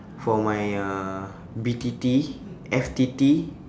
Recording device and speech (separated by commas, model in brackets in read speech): standing microphone, conversation in separate rooms